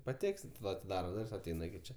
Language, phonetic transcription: Lithuanian, paˈteksit ˈva atiˈdara ˈdur's' aˈteina iki ˈčia

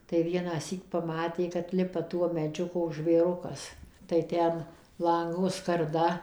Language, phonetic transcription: Lithuanian, tai vienąˈsyk paˈmatė kad ˈlipa ˈtuo meˈdžiu ˈkoks žvėˈrukas tai ˈten ˈlango skarˈda

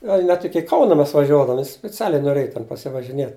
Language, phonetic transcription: Lithuanian, ˈgal' net ˈiki ˈkauna ˈmes vaˈžiuodavom spiˈcialiai noˈrėj ten pasivažiˈniet

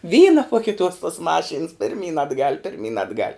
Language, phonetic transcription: Lithuanian, ˈvyna po kiˈtuos tuos ˈmaˌšyns pirˈmyn atˈgal' pirˈmyn atˈgal'

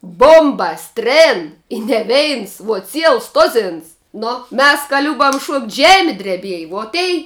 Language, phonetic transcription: Lithuanian, ˈbombas ˈtrėn i ne ˈveins vuo ˈciels ˈtozins ˈnu ˈmes ka ˈliubam šuokt' ˈžemi dreˈbieji vuo ˈtei

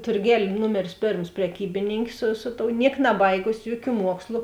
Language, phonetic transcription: Lithuanian, turˈgel' ˈnumeris ˈpėrms preˈkybininkė su ˈsu ˌtou ˈniek naˈbaigusi ˈjuoˌkių ˈmuokslu

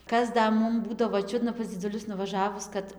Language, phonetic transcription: Lithuanian, ˈkas ˈda ˈmum ˈbūdavo ˈčiudna pas dziduˈlius nuvaˈžavus kad

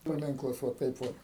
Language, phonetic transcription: Lithuanian, paˈminklas vo ˈtaip ˈvot

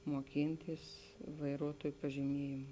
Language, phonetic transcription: Lithuanian, moˈkintys vaiˈruotuoj pažiˈmiejėm

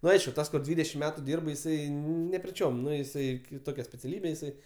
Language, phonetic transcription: Lithuanian, ˈnu ˈaišku ˈtas kur ˈdvydešim ˈmetu ˈdyrb jiˈsai nepriˈčiom ˈnu jiˈsai kiˈtokia speciaˈlybė jiˈsai

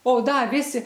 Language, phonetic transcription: Lithuanian, o ˈda ˈvisi

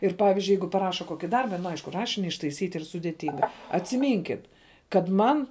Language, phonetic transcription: Lithuanian, ir ˈpavizdžiui ˈjeigu paˈraša ˈkoki ˈdarba nu ˈaišku ˈrašini ištaiˈsyt' ˈyr sudėˈtinga atsiˈmynkit kad ˈman kad man

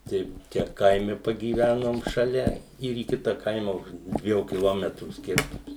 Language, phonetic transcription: Lithuanian, tai ˈčia ˈkaime pagyˈvænom šaˈlia ir į ˈkita ˈkaima už ˈdviejų kiˈlometrų ˈskirtums

